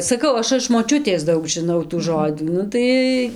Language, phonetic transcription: Lithuanian, saˈkau ˈaš iš moˈčiutės ˈdaug žiˈnau tų ˈžodzų ˈnu tai

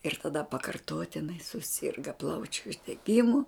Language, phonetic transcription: Lithuanian, ir taˈda pakarˈtotinai suˈsirga ˈplaučiu uždeˈgimu

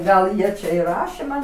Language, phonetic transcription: Lithuanian, ˈgal ˈjie čia i ˈrašė ˈman

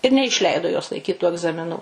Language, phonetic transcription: Lithuanian, ir neišˈleido jos laiˈkyt tų agzamiˈnų

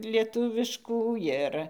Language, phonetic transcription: Lithuanian, lieˈtuviškų ˈjir

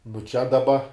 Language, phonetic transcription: Lithuanian, nu čia daˈba

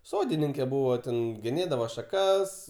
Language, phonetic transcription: Lithuanian, ˈsodininke ˈbūvo ten geˈnėdavo šaˈkas

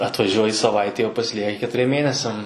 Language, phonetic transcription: Lithuanian, atvaˈžiuoji saˈvaitei o pasiˈlieki ketuˈriem ˈmėnesiam

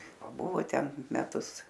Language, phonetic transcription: Lithuanian, paˈbuvo ˈten meˈtus

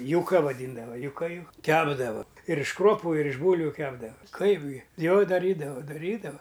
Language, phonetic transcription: Lithuanian, juˈka vaˈdyndava juˈka ju ˈkepdava ir iš ˈkruopu ir iš ˈbūlviu ˈkepdava ˈkaip gi ˈjo daˈrydavo daˈrydava

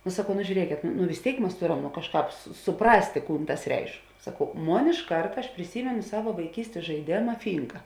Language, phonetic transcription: Lithuanian, nu saˈkau nu žiūˈriekėt nu nu vis ˈtėik ˈmas ˈtoˌram nu ˈkažˌkāp suˈprastė ˈkūn ˈtas ˈreišk saˈkau ˈmon iš ˈkarta aš priˈsymenu ˈsava vaiˈkystės žaiˈdėma ˈfynka

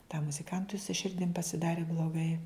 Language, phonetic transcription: Lithuanian, tam muziˈkantui su ˈširdim pasiˈdari bloˈgai

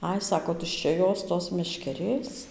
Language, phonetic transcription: Lithuanian, ˈai ˈsako tuščia ˈjos ˈtos meškeˈrės

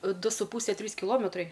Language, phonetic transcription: Lithuanian, ˈdu su ˈpūse ˈtrys kiˈlometrai

